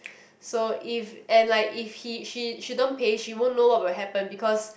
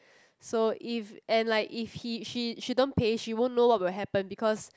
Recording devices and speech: boundary microphone, close-talking microphone, conversation in the same room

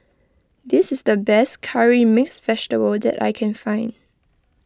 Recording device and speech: close-talking microphone (WH20), read sentence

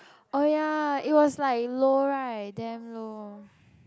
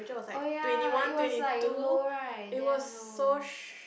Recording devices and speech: close-talking microphone, boundary microphone, conversation in the same room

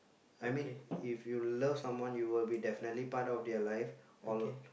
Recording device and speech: boundary microphone, conversation in the same room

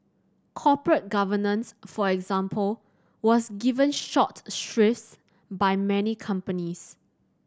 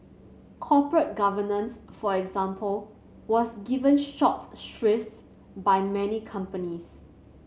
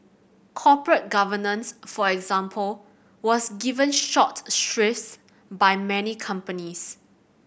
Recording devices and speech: standing microphone (AKG C214), mobile phone (Samsung C7100), boundary microphone (BM630), read sentence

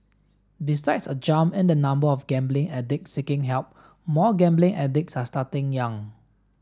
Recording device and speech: standing microphone (AKG C214), read sentence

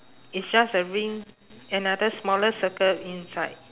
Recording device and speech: telephone, conversation in separate rooms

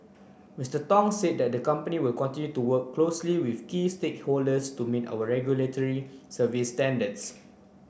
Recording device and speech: boundary microphone (BM630), read sentence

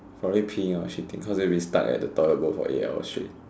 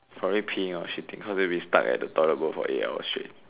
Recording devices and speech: standing microphone, telephone, conversation in separate rooms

